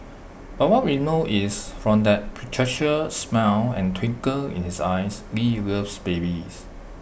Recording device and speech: boundary microphone (BM630), read sentence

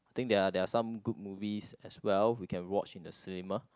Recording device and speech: close-talking microphone, conversation in the same room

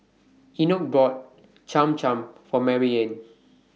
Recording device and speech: mobile phone (iPhone 6), read sentence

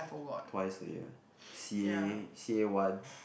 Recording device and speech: boundary microphone, conversation in the same room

